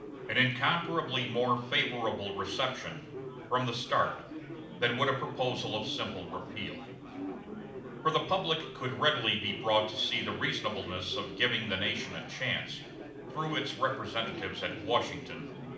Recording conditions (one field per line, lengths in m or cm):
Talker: one person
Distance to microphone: 2.0 m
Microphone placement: close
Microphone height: 99 cm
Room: medium-sized (5.7 m by 4.0 m)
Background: babble